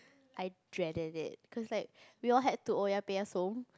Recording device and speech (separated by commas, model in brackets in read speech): close-talking microphone, conversation in the same room